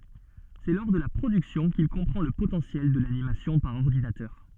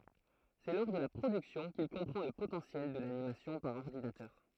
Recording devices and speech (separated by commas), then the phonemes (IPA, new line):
soft in-ear microphone, throat microphone, read sentence
sɛ lɔʁ də la pʁodyksjɔ̃ kil kɔ̃pʁɑ̃ lə potɑ̃sjɛl də lanimasjɔ̃ paʁ ɔʁdinatœʁ